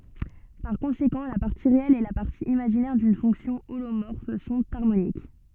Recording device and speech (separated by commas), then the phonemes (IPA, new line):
soft in-ear microphone, read sentence
paʁ kɔ̃sekɑ̃ la paʁti ʁeɛl e la paʁti imaʒinɛʁ dyn fɔ̃ksjɔ̃ olomɔʁf sɔ̃t aʁmonik